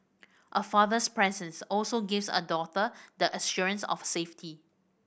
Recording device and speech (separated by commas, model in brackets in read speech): boundary microphone (BM630), read sentence